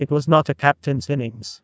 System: TTS, neural waveform model